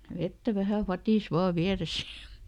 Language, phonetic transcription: Finnish, ˈvettä ˈvähä "fatìs ˈvaa "viäresÄ jA ,.
- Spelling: vettä vähän vadissa vain vieressä ja

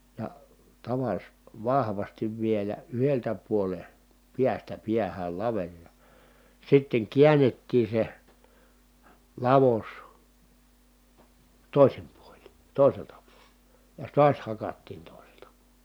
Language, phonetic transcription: Finnish, ja , tavas- , vahvastiv vielä yheltä puole , piästä piähäl laveŕ ja , sitteŋ kiännettii se , lavos , tòisim puoĺin̬ tòiselta puoLE , ja(s) tuas hakattiin tòiselta (puo-) .
- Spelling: ja - vahvasti vielä yhdeltä puolen päästä päähän laveri ja sitten käännettiin se lavos toisin puolin toiselta puolen ja taas hakattiin toiselta -

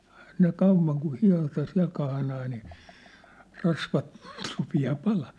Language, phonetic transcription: Finnish, Ehä ne 'kauv̆vaŋ ku 'hia̭ta 'siä̭l kahnaa nii , 'rasvat , rupi₍aa "palaa .
- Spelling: eihän ne kauan kun hieta siellä kahnaa niin rasvat rupeaa palamaan

